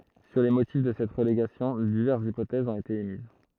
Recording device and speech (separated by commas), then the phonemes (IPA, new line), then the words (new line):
throat microphone, read sentence
syʁ le motif də sɛt ʁəleɡasjɔ̃ divɛʁsz ipotɛzz ɔ̃t ete emiz
Sur les motifs de cette relégation, diverses hypothèses ont été émises.